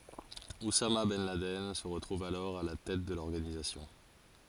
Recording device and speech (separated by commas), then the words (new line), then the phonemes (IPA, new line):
forehead accelerometer, read sentence
Oussama ben Laden se retrouve alors à la tête de l'organisation.
usama bɛn ladɛn sə ʁətʁuv alɔʁ a la tɛt də lɔʁɡanizasjɔ̃